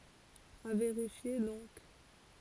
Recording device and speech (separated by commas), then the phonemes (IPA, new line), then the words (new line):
forehead accelerometer, read sentence
a veʁifje dɔ̃k
À vérifier donc.